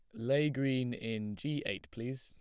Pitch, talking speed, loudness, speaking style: 130 Hz, 180 wpm, -36 LUFS, plain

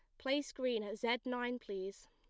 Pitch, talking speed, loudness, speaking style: 245 Hz, 190 wpm, -39 LUFS, plain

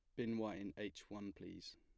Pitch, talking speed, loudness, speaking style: 105 Hz, 230 wpm, -48 LUFS, plain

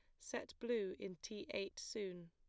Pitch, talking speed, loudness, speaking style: 195 Hz, 170 wpm, -46 LUFS, plain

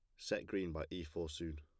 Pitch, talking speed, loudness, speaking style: 85 Hz, 260 wpm, -43 LUFS, plain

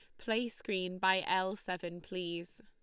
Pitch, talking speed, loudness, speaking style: 185 Hz, 150 wpm, -36 LUFS, Lombard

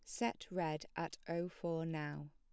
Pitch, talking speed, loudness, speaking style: 165 Hz, 170 wpm, -42 LUFS, plain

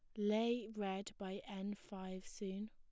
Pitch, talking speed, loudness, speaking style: 200 Hz, 145 wpm, -43 LUFS, plain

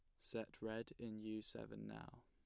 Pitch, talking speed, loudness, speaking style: 110 Hz, 175 wpm, -50 LUFS, plain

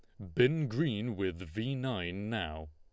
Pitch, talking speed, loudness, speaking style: 110 Hz, 155 wpm, -34 LUFS, Lombard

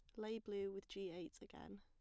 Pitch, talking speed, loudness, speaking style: 195 Hz, 225 wpm, -50 LUFS, plain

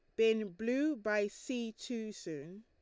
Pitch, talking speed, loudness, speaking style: 220 Hz, 150 wpm, -36 LUFS, Lombard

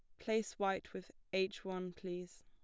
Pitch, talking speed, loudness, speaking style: 190 Hz, 160 wpm, -41 LUFS, plain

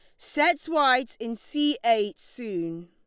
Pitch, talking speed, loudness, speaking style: 230 Hz, 135 wpm, -25 LUFS, Lombard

